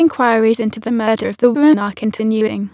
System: TTS, waveform concatenation